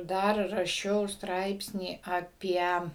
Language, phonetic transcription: Lithuanian, ˈdar raˈšiau ˈstraipsnį aˈpie

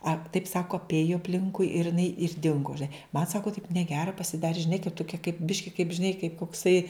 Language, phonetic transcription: Lithuanian, a taip ˈsako apˈėju apˈlinkui ir iˈnai ir ˈdingu žiˈnai man ˈsako taip neˈgera pasiˈdari žiˈnai kai toˈkie kaip ˈbiški kaip žiˈnai kaip kokˈsai

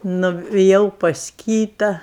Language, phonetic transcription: Lithuanian, nuviˈjau pas ˈkyta

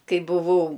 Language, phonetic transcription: Lithuanian, ˈkai buˈvau

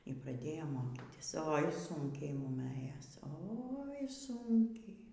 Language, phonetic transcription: Lithuanian, y praˈdėjom ˈmokytis oi ˈsunkiai ˈmum ˈɘjos ˈoi ˈsunkiai

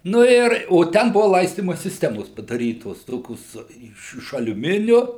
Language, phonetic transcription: Lithuanian, ˈnu ir o ˈten ˈbuva ˈlaistyma sisˈtemos padaˈrytos ˈtokios ˈiš iš aliuˈminiu

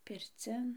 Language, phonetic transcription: Lithuanian, pirˈcin

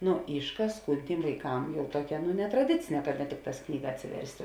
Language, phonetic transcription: Lithuanian, ˈnu ˈyšˌkās ˈkūn ˈtym vaiˈkam ˈjau ˈtuokia nu netraˈdicine ka ne ˈtikˌtās ˈknyga atsiˈverst'

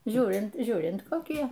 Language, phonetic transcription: Lithuanian, ˈžiūrint ˈžiūrint koˈkie

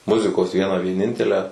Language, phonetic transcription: Lithuanian, ˈmuzikos ˈvieną vieˈnintelę

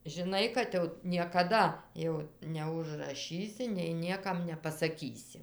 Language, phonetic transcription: Lithuanian, žiˈnai kad jau niekaˈda jau neužraˈšysi nei nieˈkam nepasaˈkysi

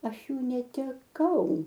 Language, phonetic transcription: Lithuanian, ˈaš ˈjų neteˈkau

